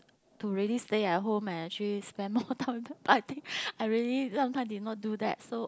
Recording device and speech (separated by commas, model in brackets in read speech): close-talking microphone, conversation in the same room